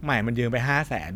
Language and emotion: Thai, neutral